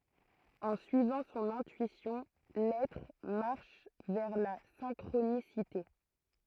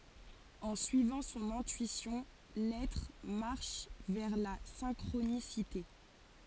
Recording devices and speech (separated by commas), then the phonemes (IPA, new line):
throat microphone, forehead accelerometer, read sentence
ɑ̃ syivɑ̃ sɔ̃n ɛ̃tyisjɔ̃ lɛtʁ maʁʃ vɛʁ la sɛ̃kʁonisite